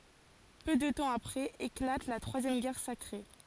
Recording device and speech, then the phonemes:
forehead accelerometer, read sentence
pø də tɑ̃ apʁɛz eklat la tʁwazjɛm ɡɛʁ sakʁe

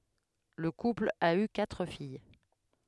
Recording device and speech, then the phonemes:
headset microphone, read sentence
lə kupl a y katʁ fij

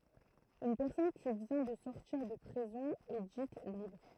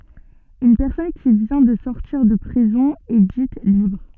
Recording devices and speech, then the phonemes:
throat microphone, soft in-ear microphone, read sentence
yn pɛʁsɔn ki vjɛ̃ də sɔʁtiʁ də pʁizɔ̃ ɛ dit libʁ

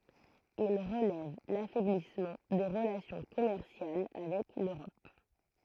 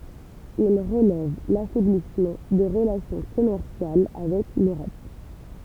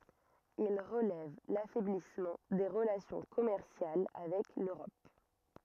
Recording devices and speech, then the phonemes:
throat microphone, temple vibration pickup, rigid in-ear microphone, read sentence
il ʁəlɛv lafɛblismɑ̃ de ʁəlasjɔ̃ kɔmɛʁsjal avɛk løʁɔp

